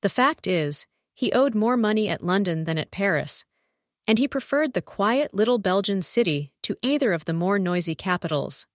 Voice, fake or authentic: fake